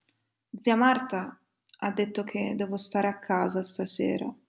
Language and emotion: Italian, sad